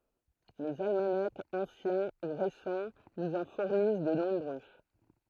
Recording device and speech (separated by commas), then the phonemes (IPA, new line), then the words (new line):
throat microphone, read sentence
lez almanakz ɑ̃sjɛ̃ u ʁesɑ̃ nuz ɑ̃ fuʁnis də nɔ̃bʁø
Les almanachs anciens ou récents nous en fournissent de nombreux.